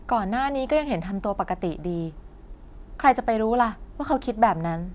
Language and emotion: Thai, frustrated